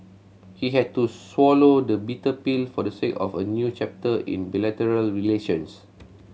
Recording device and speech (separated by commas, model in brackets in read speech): mobile phone (Samsung C7100), read sentence